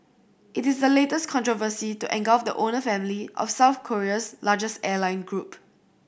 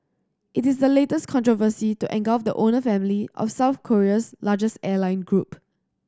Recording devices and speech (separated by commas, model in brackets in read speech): boundary microphone (BM630), standing microphone (AKG C214), read sentence